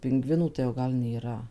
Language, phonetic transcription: Lithuanian, pinˈgvinų tai jau ˈgal nėˈra

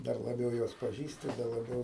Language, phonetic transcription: Lithuanian, ˈdar laˈbiau ˈjuos paˈžįsti da laˈbiau

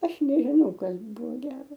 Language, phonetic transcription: Lithuanian, ˈaš nežiˈnau ˈkas ˈbuvo ˈgero

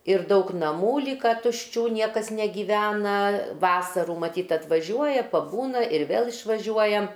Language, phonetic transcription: Lithuanian, ir ˈdaug naˈmų ˈlyka tušˈčių ˈniekas negyˈvena ˈvasarų maˈtyt atvaˈžiuoja paˈbūna ir ˈvėl išvaˈžiuoja

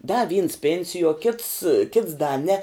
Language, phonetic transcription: Lithuanian, da vyns ˈpėnsijuo kits kits da ne

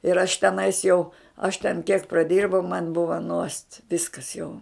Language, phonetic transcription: Lithuanian, ir aš teˈnais jau aš ten kiek praˈdirbau man ˈbuva nuost ˈviskas jau

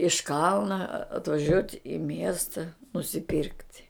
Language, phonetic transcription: Lithuanian, iš ˈkalna atvaˈžiuot' i ˈmiesta nusiˈpyrkt'

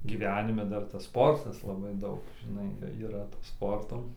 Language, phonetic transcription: Lithuanian, gyˈvenime ˈdar tas ˈsportas laˈbai ˈdaug žiˈnai yˈra to ˈsporto

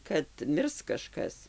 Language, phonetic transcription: Lithuanian, kad ˈmirs kaˈžkas

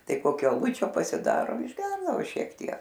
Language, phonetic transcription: Lithuanian, ˈtai ˈkokio aˈlučio pasiˈdaro išˈgerdavo ˈšiek ˈtiek

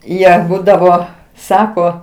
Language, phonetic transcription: Lithuanian, ˈjie ˈbūdavo ˈsako

